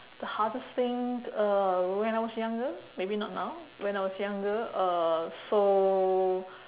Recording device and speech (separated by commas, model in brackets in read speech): telephone, conversation in separate rooms